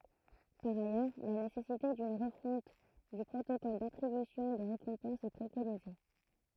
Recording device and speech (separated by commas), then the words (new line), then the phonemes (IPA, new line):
throat microphone, read sentence
Par ailleurs, la nécessité d'une refonte du protocole d'attribution des récompenses est préconisée.
paʁ ajœʁ la nesɛsite dyn ʁəfɔ̃t dy pʁotokɔl datʁibysjɔ̃ de ʁekɔ̃pɑ̃sz ɛ pʁekonize